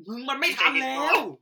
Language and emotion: Thai, angry